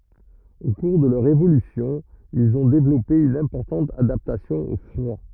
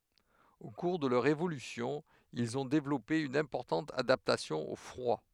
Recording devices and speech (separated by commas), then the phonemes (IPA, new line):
rigid in-ear microphone, headset microphone, read sentence
o kuʁ də lœʁ evolysjɔ̃ ilz ɔ̃ devlɔpe yn ɛ̃pɔʁtɑ̃t adaptasjɔ̃ o fʁwa